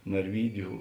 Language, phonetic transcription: Lithuanian, narˈvydiu

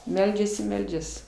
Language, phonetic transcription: Lithuanian, ˈmeldžias i ˈmeldžias

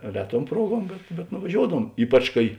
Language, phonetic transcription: Lithuanian, ˈreˌtuom ˈpruoˌguom bet bet nuvaˈžioudavuom ˈypač kai

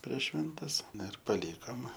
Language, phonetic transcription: Lithuanian, prieš ˈšventes ˈna ir paˈlykom

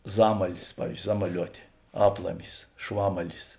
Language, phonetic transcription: Lithuanian, ˈzamalis pavyz ˈzamaˌliuotė ˈaplamis ˈšvamalis

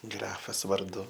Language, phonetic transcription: Lithuanian, ˈgrafas varˈdu

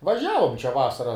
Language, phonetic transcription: Lithuanian, vaˈžiavom čia ˈvasara

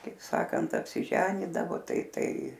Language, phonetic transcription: Lithuanian, kaip ˈsakant apˈsiženydavo ˈtai ˈtai

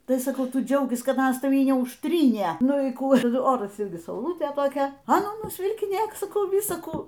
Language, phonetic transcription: Lithuanian, ˈtai saˈkau ˈtu ˈdžiaukis ˈkad ˈanas taˈvį neužˈtrynė ˈnu y ˈkų ˈoras ˈirgi sauˈlutė toˈkia a ˈnū nusvilkiˈnėk saˈkau ˈvisa ˈkų

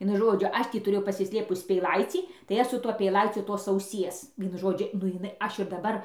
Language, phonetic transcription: Lithuanian, ˈvienu ˈžodžiu ˈaš tį tuˈrėjau pasisˈlėpus peiˈlaicį tai ˈaš su ˈtuo peiˈlaiciu tos auˈsies ˈvienu ˈžodžiu nu iˈnai ˈaš ir daˈbar

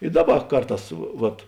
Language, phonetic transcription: Lithuanian, i ˈdaˌba ˈkarˌtās vat

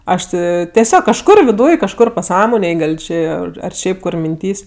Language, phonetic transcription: Lithuanian, ˈaš ti teˈsiog kažˈkur viˈdūj kažˈkur paˈsąmonėj ˈgal ˈčė ar ˈšiaip kur minˈtys'

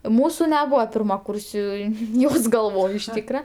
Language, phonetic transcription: Lithuanian, ˈmūsu neˈbūva pirmaˈkūrsiui ˈjos galˈvoj iš ˈtykra

